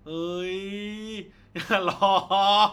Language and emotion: Thai, happy